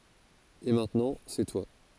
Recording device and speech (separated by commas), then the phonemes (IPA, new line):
forehead accelerometer, read sentence
e mɛ̃tnɑ̃ sɛ twa